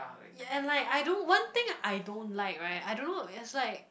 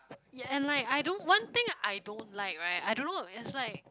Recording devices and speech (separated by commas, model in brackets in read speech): boundary microphone, close-talking microphone, conversation in the same room